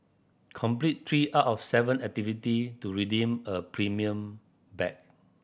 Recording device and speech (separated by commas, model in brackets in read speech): boundary microphone (BM630), read sentence